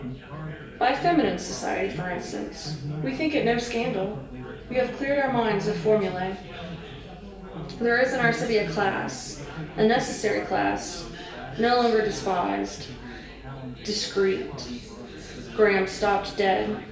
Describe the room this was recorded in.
A big room.